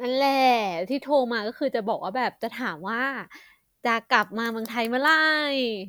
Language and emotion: Thai, happy